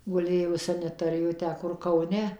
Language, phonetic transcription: Lithuanian, guˈlėjo saneˈtorijoj ˈtę ˈkur kauˈne

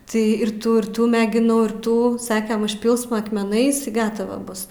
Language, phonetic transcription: Lithuanian, tai ir ˈtų ir ˈtų megiˈnau ir ˈtų ˈsakem užˈpilsma akmeˈnais i ˈgatava ˈbus

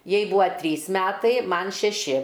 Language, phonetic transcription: Lithuanian, ˈjai ˈbuvo ˈtrys ˈmetai ˈman šeˈši

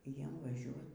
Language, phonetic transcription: Lithuanian, ˈjiem vaˈžiuot

